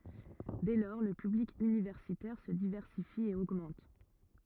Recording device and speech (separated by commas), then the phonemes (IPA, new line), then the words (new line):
rigid in-ear microphone, read sentence
dɛ lɔʁ lə pyblik ynivɛʁsitɛʁ sə divɛʁsifi e oɡmɑ̃t
Dès lors, le public universitaire se diversifie et augmente.